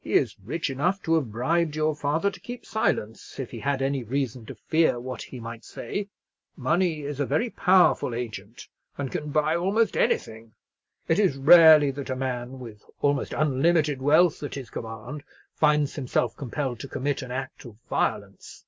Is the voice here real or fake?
real